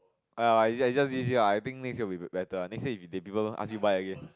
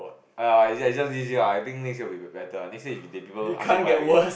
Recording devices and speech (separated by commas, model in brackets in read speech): close-talking microphone, boundary microphone, conversation in the same room